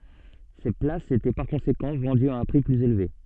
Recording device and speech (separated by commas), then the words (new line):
soft in-ear microphone, read sentence
Ces places étaient par conséquent vendues à un prix plus élevé.